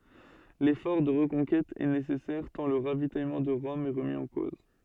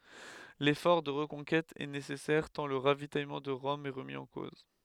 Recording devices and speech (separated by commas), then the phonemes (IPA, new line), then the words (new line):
soft in-ear microphone, headset microphone, read sentence
lefɔʁ də ʁəkɔ̃kɛt ɛ nesɛsɛʁ tɑ̃ lə ʁavitajmɑ̃ də ʁɔm ɛ ʁəmi ɑ̃ koz
L’effort de reconquête est nécessaire tant le ravitaillement de Rome est remis en cause.